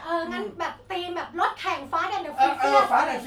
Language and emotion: Thai, happy